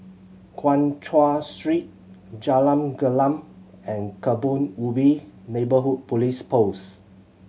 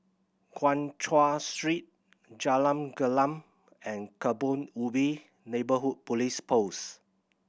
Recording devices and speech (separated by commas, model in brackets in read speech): mobile phone (Samsung C7100), boundary microphone (BM630), read sentence